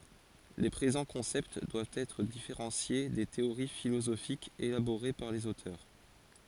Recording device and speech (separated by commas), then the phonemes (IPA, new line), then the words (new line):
forehead accelerometer, read sentence
le pʁezɑ̃ kɔ̃sɛpt dwavt ɛtʁ difeʁɑ̃sje de teoʁi filozofikz elaboʁe paʁ lez otœʁ
Les présents concepts doivent être différenciés des théories philosophiques élaborées par les auteurs.